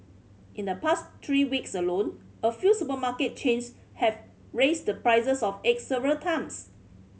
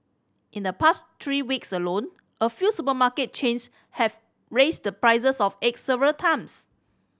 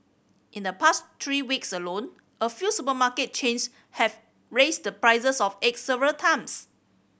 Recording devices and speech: mobile phone (Samsung C5010), standing microphone (AKG C214), boundary microphone (BM630), read sentence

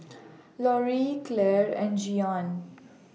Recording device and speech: mobile phone (iPhone 6), read sentence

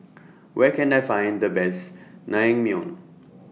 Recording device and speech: mobile phone (iPhone 6), read sentence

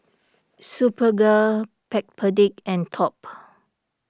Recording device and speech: standing microphone (AKG C214), read sentence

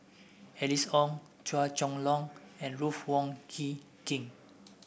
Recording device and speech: boundary microphone (BM630), read sentence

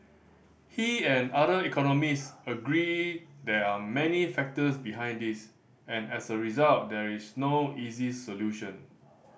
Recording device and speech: boundary microphone (BM630), read sentence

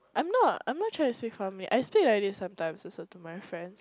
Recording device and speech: close-talking microphone, conversation in the same room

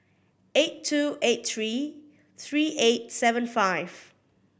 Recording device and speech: boundary microphone (BM630), read sentence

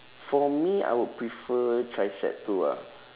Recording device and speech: telephone, conversation in separate rooms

